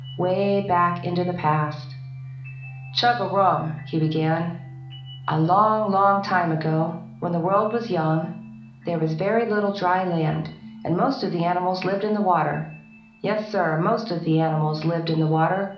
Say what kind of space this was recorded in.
A moderately sized room (about 5.7 m by 4.0 m).